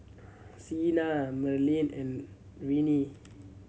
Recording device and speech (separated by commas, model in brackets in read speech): mobile phone (Samsung C7100), read sentence